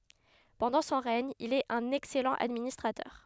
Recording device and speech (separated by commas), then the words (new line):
headset microphone, read sentence
Pendant son règne, il est un excellent administrateur.